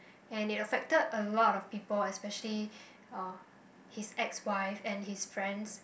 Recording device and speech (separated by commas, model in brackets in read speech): boundary microphone, conversation in the same room